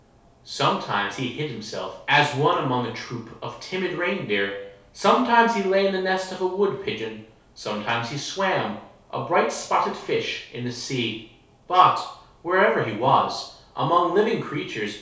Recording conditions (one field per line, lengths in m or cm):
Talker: one person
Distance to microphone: 3.0 m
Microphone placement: far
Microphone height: 1.8 m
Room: small (3.7 m by 2.7 m)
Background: none